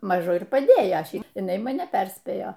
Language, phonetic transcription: Lithuanian, ˈmažu ir paˈdėjo ˈšiaip jiˈnai maˈne ˈperspėjo

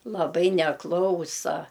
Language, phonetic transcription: Lithuanian, laˈbai neˈklausa

